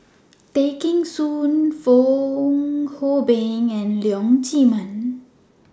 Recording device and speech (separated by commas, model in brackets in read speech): standing microphone (AKG C214), read sentence